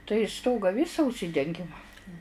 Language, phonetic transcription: Lithuanian, tai ˈstoga ˈvisa užˈsidengim

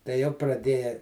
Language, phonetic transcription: Lithuanian, tai jau praˈdėja

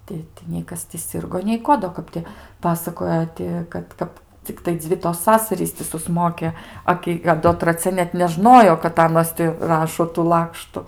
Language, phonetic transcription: Lithuanian, ˈti tai nei ˈkas ti ˈsirgo nei ˈko do ˈkap ti ˈpasakoja ˈti kad ˈkap cikˈtai ˈdzvi tos ˈsasarys ti suˈsmoke ˈa ki a ˈdo traˈcia net neˈžnojo kad ˈanos ti ˈrašo tų ˈlakštu

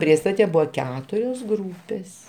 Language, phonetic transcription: Lithuanian, ˈpriestate ˈbuvo ˈketurios ˈgrūpės

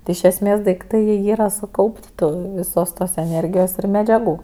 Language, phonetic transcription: Lithuanian, ti iš esˈmės daikˈtai jie ˈyra suˈkaup't' ˈtu viˈsos tos eˈnėrgijos ir medžiaˈgų

